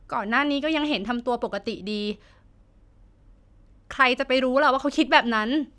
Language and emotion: Thai, sad